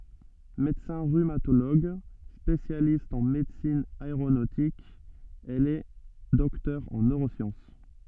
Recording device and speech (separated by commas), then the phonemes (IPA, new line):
soft in-ear microphone, read sentence
medəsɛ̃ ʁymatoloɡ spesjalist ɑ̃ medəsin aeʁonotik ɛl ɛ dɔktœʁ ɑ̃ nøʁosjɑ̃s